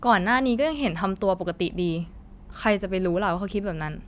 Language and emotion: Thai, frustrated